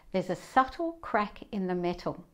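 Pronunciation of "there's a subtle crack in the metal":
'There's a subtle crack in the metal' is said in a British accent.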